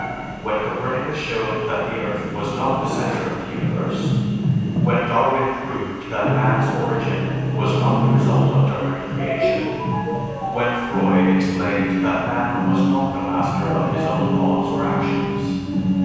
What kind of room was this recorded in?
A large and very echoey room.